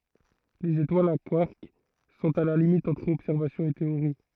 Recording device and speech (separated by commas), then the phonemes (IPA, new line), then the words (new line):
throat microphone, read sentence
lez etwalz a kwaʁk sɔ̃t a la limit ɑ̃tʁ ɔbsɛʁvasjɔ̃ e teoʁi
Les étoiles à quarks sont à la limite entre observation et théorie.